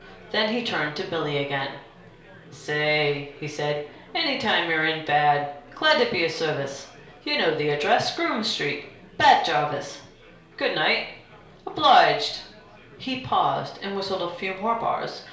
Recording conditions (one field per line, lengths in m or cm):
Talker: one person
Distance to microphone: 1.0 m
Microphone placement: close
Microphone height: 1.1 m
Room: small (3.7 m by 2.7 m)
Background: babble